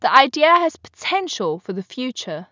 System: none